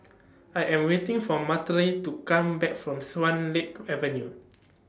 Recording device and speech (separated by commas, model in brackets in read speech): standing microphone (AKG C214), read sentence